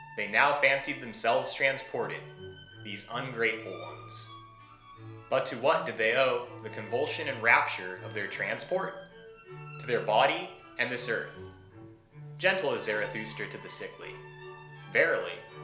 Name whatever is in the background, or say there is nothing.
Music.